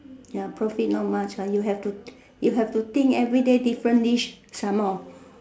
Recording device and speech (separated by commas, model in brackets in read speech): standing microphone, conversation in separate rooms